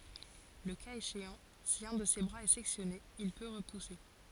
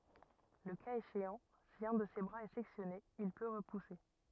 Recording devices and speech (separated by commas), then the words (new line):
forehead accelerometer, rigid in-ear microphone, read sentence
Le cas échéant, si un de ses bras est sectionné, il peut repousser.